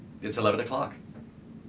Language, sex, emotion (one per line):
English
male
neutral